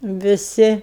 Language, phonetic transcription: Lithuanian, viˈsi

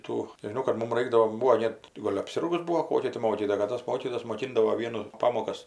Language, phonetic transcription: Lithuanian, ˈtų nežiˈnau kad ˈmum ˈraikdavo ˈbūvo ˈnet ti ˈgol' apˈsirgus ˈbūo ˈkokia ti ˈmokytoja kad ˈtos ˈmokytojos moˈkindavo ˈvienu ˈpamokas

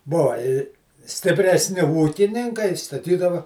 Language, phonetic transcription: Lithuanian, ˈbova i stipresˈni ˈūkininkai staˈtydava

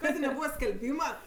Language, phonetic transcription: Lithuanian, ˈkadė neˈbūva skelˈbyma

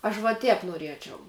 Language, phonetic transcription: Lithuanian, aš va ˈtēp nuoˈriečiau

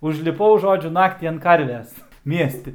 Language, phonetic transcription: Lithuanian, užliˈpau ˈžodžiu ˈnaktį ant ˈkarves ˈmiesti

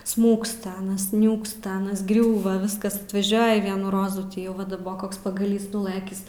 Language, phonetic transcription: Lithuanian, ˈsmūksta ˈanas ˈniūksta ˈanas ˈgriūva ˈviskas atvaˈžiuoji ˈvienų ˈrozų ˈtį jau ˈva daˈbok ˈkoks pagaˈlys nuˈlɘkis

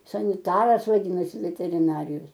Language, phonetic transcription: Lithuanian, saniˈtaras vaˈdynasi veteriˈnarijos

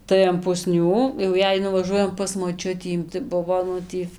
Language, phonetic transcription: Lithuanian, tai an puˈsnių jau ˈjei nuvaˈžuojam pas moˈčiutį tai ˈbuvo ˈnu tį

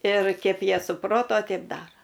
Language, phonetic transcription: Lithuanian, ir kep ˈjie suˈproto ˈteip ˈdaro

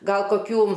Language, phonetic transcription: Lithuanian, ˈgal koˈkių

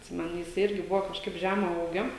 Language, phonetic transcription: Lithuanian, užsiˈmanė jiˈsai ˈirgi ˈbuvo kažˈkaip ˈžema ˈūgio

